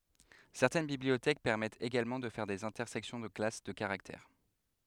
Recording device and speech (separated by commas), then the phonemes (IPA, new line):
headset microphone, read sentence
sɛʁtɛn bibliotɛk pɛʁmɛtt eɡalmɑ̃ də fɛʁ dez ɛ̃tɛʁsɛksjɔ̃ də klas də kaʁaktɛʁ